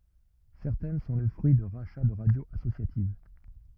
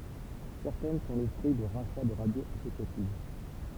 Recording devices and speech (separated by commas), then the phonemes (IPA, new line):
rigid in-ear microphone, temple vibration pickup, read sentence
sɛʁtɛn sɔ̃ lə fʁyi də ʁaʃa də ʁadjoz asosjativ